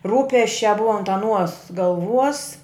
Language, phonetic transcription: Lithuanian, ˈrūpesčiā ˈbua ant aˈnuos galˈvuos

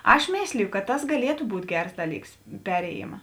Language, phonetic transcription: Lithuanian, ˈaš ˈmėsliju kad ˈtas gaˈlietu ˈbūt' ˈgers ˈdaˌlyks ˈperėjima

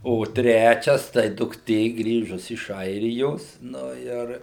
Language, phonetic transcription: Lithuanian, o ˈtrečias tai dukˈtė ˈgrįžus iš ˈairijos ˈnu ir

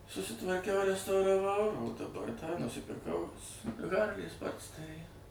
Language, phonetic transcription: Lithuanian, susitvarˈkiau restauraˈvau daˈbar tą nusipirˈkau ˈharlį ˈsportsterį

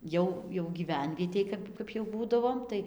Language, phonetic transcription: Lithuanian, ˈjau jau gyˈvenvietėj ˈkap ˈkap jau ˈbūdavom ˈtai

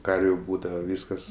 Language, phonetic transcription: Lithuanian, ˈkarviu ˈbūdava ˈvyskas

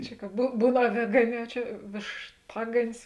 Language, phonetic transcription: Lithuanian, ˈčia ka bū ˈbūn aˈvėgaˌnē o ˈčia vėšˈtaganis

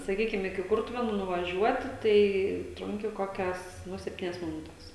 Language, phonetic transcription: Lithuanian, saˈkykim iki ˈkurtuvėnų nuvaˈžiuoti tai ˈtrunki ˈkokias ˈnu sepˈtynias miˈnutes

